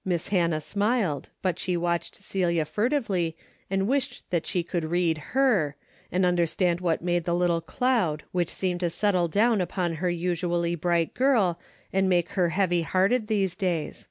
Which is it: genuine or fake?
genuine